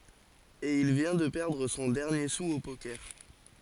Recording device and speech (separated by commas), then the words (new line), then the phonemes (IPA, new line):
forehead accelerometer, read sentence
Et il vient de perdre son dernier sou au poker.
e il vjɛ̃ də pɛʁdʁ sɔ̃ dɛʁnje su o pokɛʁ